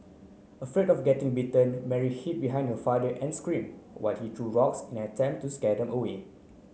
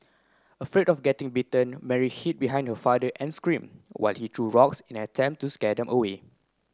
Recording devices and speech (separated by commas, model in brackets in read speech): mobile phone (Samsung C9), close-talking microphone (WH30), read sentence